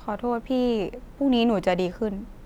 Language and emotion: Thai, sad